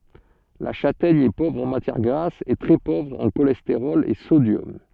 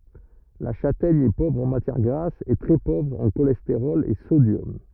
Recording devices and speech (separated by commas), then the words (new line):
soft in-ear microphone, rigid in-ear microphone, read sentence
La châtaigne est pauvre en matière grasse et très pauvre en cholestérol et sodium.